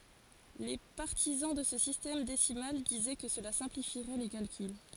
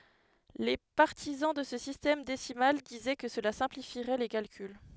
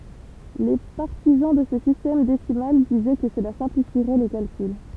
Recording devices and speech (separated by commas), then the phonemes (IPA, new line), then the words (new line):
forehead accelerometer, headset microphone, temple vibration pickup, read sentence
le paʁtizɑ̃ də sə sistɛm desimal dizɛ kə səla sɛ̃plifiʁɛ le kalkyl
Les partisans de ce système décimal disaient que cela simplifierait les calculs.